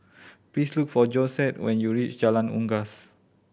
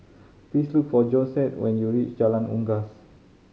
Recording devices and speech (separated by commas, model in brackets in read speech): boundary microphone (BM630), mobile phone (Samsung C5010), read sentence